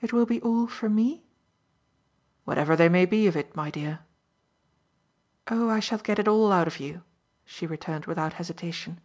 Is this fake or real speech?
real